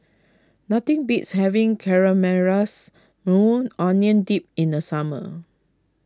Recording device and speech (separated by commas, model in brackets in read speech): close-talking microphone (WH20), read sentence